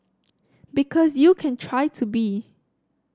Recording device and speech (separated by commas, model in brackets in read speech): standing microphone (AKG C214), read sentence